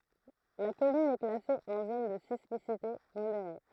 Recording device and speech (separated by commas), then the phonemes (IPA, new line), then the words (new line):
throat microphone, read sentence
la kɔmyn ɛ klase ɑ̃ zon də sismisite modeʁe
La commune est classée en zone de sismicité modérée.